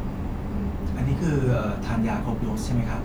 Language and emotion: Thai, neutral